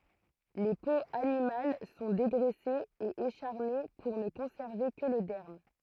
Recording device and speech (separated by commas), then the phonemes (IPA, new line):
throat microphone, read sentence
le poz animal sɔ̃ deɡʁɛsez e eʃaʁne puʁ nə kɔ̃sɛʁve kə lə dɛʁm